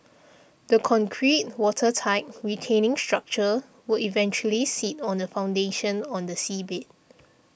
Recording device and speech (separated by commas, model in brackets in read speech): boundary microphone (BM630), read sentence